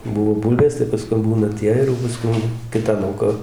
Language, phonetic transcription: Lithuanian, ˈbuvo ˈbūlvės tai pasˈkum ˈbūna ˈtie ir jau paˈskum ˈkita ˈlauka

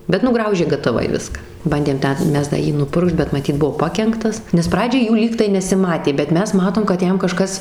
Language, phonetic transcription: Lithuanian, bet nuˈgraužė gataˈvai ˈviska ˈbandėm ˈten ˈmes da ˈjį nuˈpurkšt bet maˈtyt ˈbuvo ˈpakenktas nes ˈpradžiai ˈjų ˈlygtai nesiˈmatė bet ˈmes ˈmatom kad ˈjam kaˈžkas

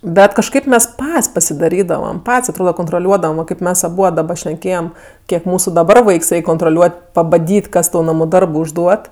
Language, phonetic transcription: Lithuanian, ˈbet kažˈkaip ˈmes ˈpat's' pasidaˈrydavam ˈpat's' atˈroda kontroˈliuodavam va ˈkaip ˈmes aˈbuod daˈba šneˈkėjem ˈkiek ˈmūsu daˈbar ˈvaiks ˈreik' kontroˈliuot' pabaˈdyt' ˈkas tau ˈnamu ˈdarbu užˈduot

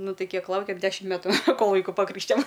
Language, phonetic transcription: Lithuanian, ˈnu ˈtai ˈkiek ˈlaukėm ˈdešim ˈmetu ˈkol ˈvaiku paˈkrykštijom

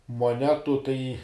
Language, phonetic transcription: Lithuanian, moˈnetu tai

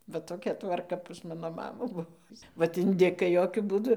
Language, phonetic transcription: Lithuanian, va toˈkia tvarˈka pas ˈmano ˈmamų ˈbuvo ˈvat inˈdikai ˈjokiu ˈbūdu

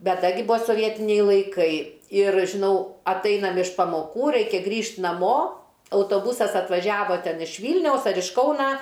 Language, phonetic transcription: Lithuanian, ˈbet ˈda gi ˈbuvo soˈvietiniai laiˈkai ir žiˈnau atˈainam iš pamoˈkų ˈraikia ˈgrįžt' naˈmo autoˈbusas atvaˈžiavo ˈten iš ˈvylniaus ar iš ˈkauna

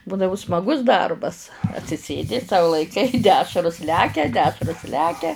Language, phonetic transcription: Lithuanian, ˈbūdavu smaˈgus ˈdarbas atsiˈsėdi sau laiˈkai ˈdešrus ˈlekia ˈdešrus ˈlekia

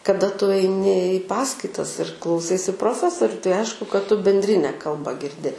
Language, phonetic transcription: Lithuanian, kaˈda tu aiˈni i ˈpaskaitas ir klauˈsaisi proˈfesoriu tai ˈaišku kad tu bendˈrine ˈkalba girˈdi

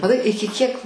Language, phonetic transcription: Lithuanian, maˈtai ˈiki kiek

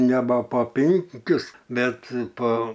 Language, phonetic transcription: Lithuanian, neba po ˈpinkius ˈbet po

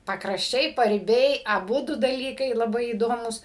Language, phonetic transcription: Lithuanian, pakrašˈčiai pariˈbiai aˈbudu daˈlykai laˈbai įˈdomūs

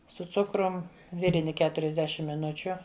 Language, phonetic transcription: Lithuanian, su ˈcukrum ˈvirini ˈketuriasˌdešim miˈnučiu

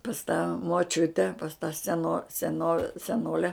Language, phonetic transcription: Lithuanian, pas tą moˈčiute pas tą seˈno seˈno seˈnole

